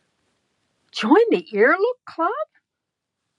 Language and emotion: English, surprised